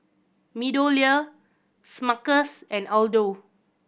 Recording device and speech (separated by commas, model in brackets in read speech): boundary microphone (BM630), read sentence